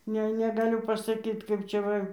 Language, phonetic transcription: Lithuanian, ˈne negaˈliu pasaˈkyt kaip ˈčia ˈva

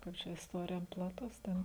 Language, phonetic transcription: Lithuanian, ˈkaip čia isˈtorija plaˈtus ˈten

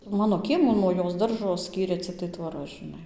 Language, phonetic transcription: Lithuanian, ˈmano ˈkiemų nuo ˈjos ˈdaržo ˈskyrė cikˈtai tvoˈra žiˈnai

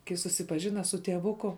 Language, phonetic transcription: Lithuanian, kai susipaˈžina su tieˈvuku

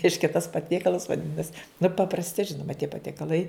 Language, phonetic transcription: Lithuanian, ˈreiškia tas paˈtiekalas vaˈdinas nu paprasˈti ˈžinuma tie patiekaˈlai

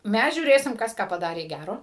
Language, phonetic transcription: Lithuanian, ˈmæs žiūˈrėsim ˈkas ką paˈdarė ˈgæro

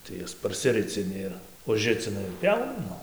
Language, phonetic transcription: Lithuanian, tai ˈjas parsiˈricini ˈir užˈricina ir ˈpjauna ˈnu

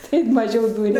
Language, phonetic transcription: Lithuanian, ˈtaip maˈžiau ˈdūria

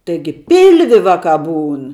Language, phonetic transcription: Lithuanian, taiˈgi ˈpilvi ˈvaˌkā ˈbūn

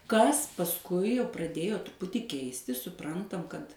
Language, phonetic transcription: Lithuanian, ˈkas pasˈkui jau praˈdėjo truˈputį ˈkeistis suˈprantam kad

